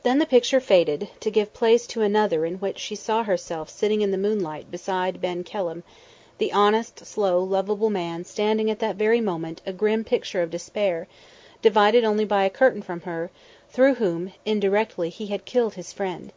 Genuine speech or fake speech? genuine